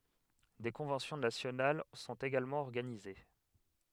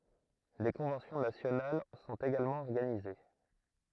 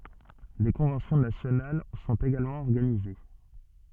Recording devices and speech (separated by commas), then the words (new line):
headset microphone, throat microphone, soft in-ear microphone, read sentence
Des conventions nationales sont également organisées.